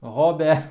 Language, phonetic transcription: Lithuanian, ˈhobia

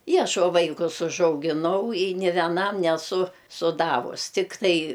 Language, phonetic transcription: Lithuanian, i ˈaš o ˈvaikus užaugiˈnau i nė veˈnam neˈsu suˈdavus tikˈtai

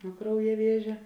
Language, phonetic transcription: Lithuanian, nuo ˈkrauja ˈviežia

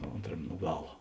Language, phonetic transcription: Lithuanian, ˈontram' nu ˈgala

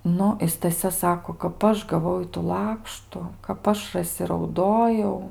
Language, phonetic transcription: Lithuanian, ˈnu i staˈsia ˈsako kap ˈaš gaˈvau ˈitų ˈlakštu kap ˈaš raˈsi rauˈdojau

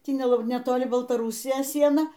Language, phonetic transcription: Lithuanian, ˈtį ne netoˈli baltaˈrūsijos ˈsiena

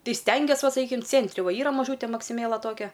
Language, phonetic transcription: Lithuanian, ˈtai ˈstengies ˈva saˈkykim ˈcėntri ˈva ˈyra maˈžūte maksiˈmėla ˈtokia

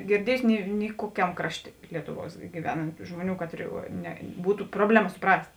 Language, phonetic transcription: Lithuanian, girˈdiejusi ˈni ni ˈkuokiam ˈkrašˌtė ˈlietuˌvuos giˈvenant ˈžmoˌnių ˈkatri ne ˈbūtu ˈprobleˌma suˈprast'

